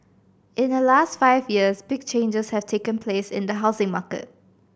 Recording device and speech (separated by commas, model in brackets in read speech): boundary microphone (BM630), read sentence